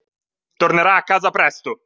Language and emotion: Italian, angry